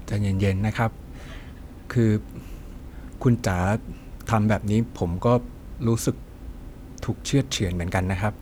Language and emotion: Thai, neutral